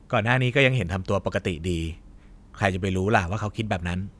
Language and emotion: Thai, neutral